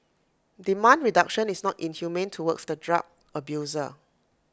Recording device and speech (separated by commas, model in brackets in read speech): close-talking microphone (WH20), read sentence